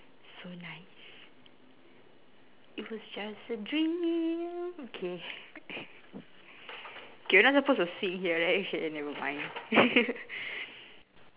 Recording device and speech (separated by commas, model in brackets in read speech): telephone, conversation in separate rooms